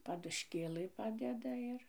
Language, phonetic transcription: Lithuanian, padušˈkėlɨ ˈpadeda ˈir

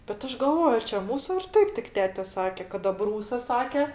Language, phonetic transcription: Lithuanian, bet ˈaš galˈvoj ar čia ˈmūsu ar ˈtaip tik ˈtete ˈsake kad aˈbrūsas ˈsake

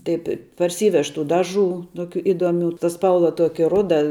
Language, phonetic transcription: Lithuanian, taip' i parˈsyvež tų ˈdaˌžų ˈtokių ˈidoˌmių ta ˈspalva ˈtuoki ˈruda

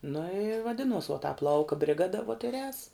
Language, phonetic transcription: Lithuanian, nu i vaˈdinuos vuo tāp ˈlauka briˈgada vuot ir ēs

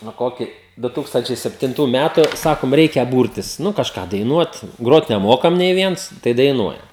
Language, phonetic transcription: Lithuanian, nu ˈkokį ˈdu ˈtūkstančiai septinˈtų ˈmætu ˈsakom ˈreikia ˈbūrtis ˈnu kažˈką daiˈnuot ˈgrot neˈmokam nei ˈviens tai daiˈnuojam

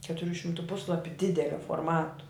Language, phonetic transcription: Lithuanian, ketuˈrių šimˈtų ˈpuslapiu ˈdidelio forˈmatu

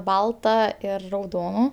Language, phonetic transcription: Lithuanian, ˈbalta ˈir rauˈdonu

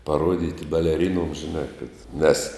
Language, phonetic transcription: Lithuanian, paˈruodyti beleˈrinuoms žiˈnā kad nes

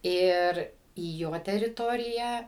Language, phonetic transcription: Lithuanian, ˈir į ˈjo teriˈtoriją

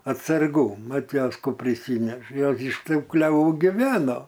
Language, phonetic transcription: Lithuanian, atsarˈgų ˈmat ˈjos ˈkų priˈsyneša ˈjos iš ˈtų kleˈvų giˈveno

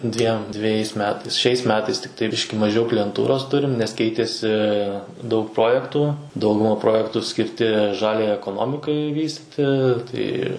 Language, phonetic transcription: Lithuanian, ˈdviem dveˈjais ˈmetais ˈšiais ˈmetais tikˈtai ˈbiški maˈžiau klijenˈtūros ˈturim nes ˈkeitėsi daug ˈprojektų ˈdauguma ˈprojektų skirˈti ˈžaliajai ekoˈnomikai ˈvystiti tai

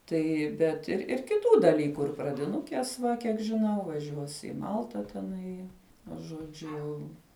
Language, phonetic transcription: Lithuanian, ˈtai ˈbet ir ir kiˈtų daˈlyku ir pradiˈnukės ˈva kiek žiˈnau vaˈžiuos ˈi ˈmalta teˈnai nu žoˈdžiu jau

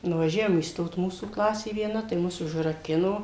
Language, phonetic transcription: Lithuanian, nuvaˈžiavom įsˈtot ˈmūsų ˈklasė vieˈna tai ˈmus užraˈkino

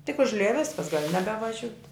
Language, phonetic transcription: Lithuanian, tik užˈlija ˈviskas gal' nebevaˈžiut'

